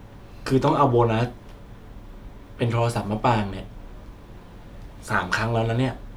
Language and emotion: Thai, frustrated